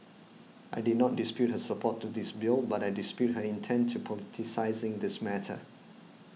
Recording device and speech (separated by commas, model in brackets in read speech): mobile phone (iPhone 6), read sentence